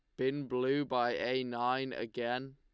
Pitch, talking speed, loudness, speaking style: 130 Hz, 155 wpm, -34 LUFS, Lombard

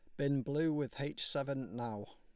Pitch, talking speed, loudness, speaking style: 140 Hz, 185 wpm, -38 LUFS, Lombard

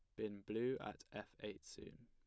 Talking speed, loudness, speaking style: 195 wpm, -47 LUFS, plain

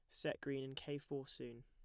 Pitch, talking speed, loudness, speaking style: 135 Hz, 250 wpm, -46 LUFS, plain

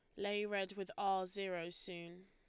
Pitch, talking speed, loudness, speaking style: 195 Hz, 175 wpm, -41 LUFS, Lombard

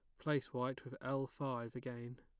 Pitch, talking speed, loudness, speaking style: 130 Hz, 180 wpm, -42 LUFS, plain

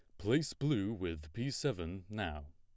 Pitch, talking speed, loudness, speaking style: 105 Hz, 155 wpm, -37 LUFS, plain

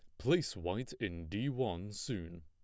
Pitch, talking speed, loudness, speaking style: 100 Hz, 160 wpm, -38 LUFS, plain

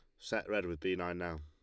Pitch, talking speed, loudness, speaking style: 85 Hz, 295 wpm, -38 LUFS, Lombard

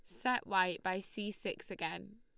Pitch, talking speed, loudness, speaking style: 210 Hz, 180 wpm, -37 LUFS, Lombard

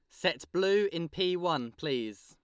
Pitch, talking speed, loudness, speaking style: 170 Hz, 175 wpm, -31 LUFS, Lombard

